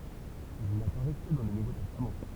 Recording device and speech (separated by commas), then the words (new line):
temple vibration pickup, read sentence
Il n'apparaît que dans le Nouveau Testament.